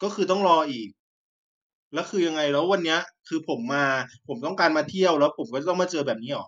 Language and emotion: Thai, frustrated